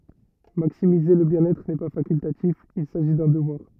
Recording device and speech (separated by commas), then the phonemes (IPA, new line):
rigid in-ear microphone, read sentence
maksimize lə bjɛ̃n ɛtʁ nɛ pa fakyltatif il saʒi dœ̃ dəvwaʁ